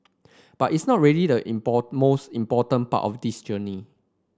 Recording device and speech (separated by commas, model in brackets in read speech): standing microphone (AKG C214), read sentence